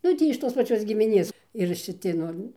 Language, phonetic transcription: Lithuanian, ˈnu ˈtį iš ˈtos paˈčios gimiˈnės ir šiˈti ˈnu

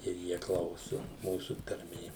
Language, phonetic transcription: Lithuanian, ir ˈjie ˈklausu ˈmūsu tarˈmė

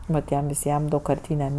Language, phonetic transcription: Lithuanian, nuˈtiem viˈsiem daugkarˈtynem

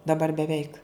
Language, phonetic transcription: Lithuanian, daˈbar beˈveik

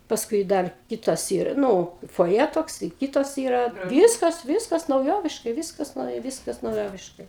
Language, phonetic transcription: Lithuanian, ˈpaskui ˈdar ˈkitas ˈyra ˈnu foˈje tokˈsai ˈkytas ˈyra ˈvyskas ˈvyskas nauˈjoviškai ˈvyskas ˈnauja ˈvyskas nauˈjoviškai

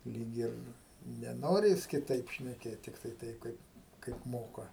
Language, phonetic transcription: Lithuanian, ˈlyg ir neˈnori ˈjis kiˈtaip šneˈkėt tikˈtai ˈtaip ˈkaip kaip ˈmoka

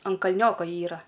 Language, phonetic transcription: Lithuanian, an kalˈnioko ˈyra

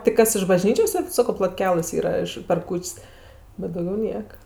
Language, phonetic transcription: Lithuanian, tik ˈkas iš baˈžnyčios ˈsed ˈsako plotˈkelɘs ˈyra iš per ˈkūč's' bet dauˈgiau ˈnieka

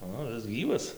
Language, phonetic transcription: Lithuanian, ˈo ˈis ˈgyvas

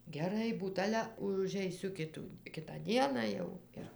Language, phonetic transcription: Lithuanian, geˈrai ˈbūt ˈale užeiˈsiu ˈkitų ˈkitą ˈdieną jau ˈir

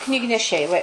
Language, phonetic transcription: Lithuanian, knygneˈšiai va i

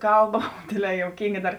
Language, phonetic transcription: Lithuanian, ˈkalˌba ˈdėdˌlē jouˈkynga ˈdar

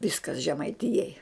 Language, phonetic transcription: Lithuanian, ˈviskas žemaiˈtijai

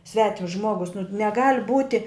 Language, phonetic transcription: Lithuanian, ˈsvetims ˈžmuogus nu neˈgal' ˈbūti

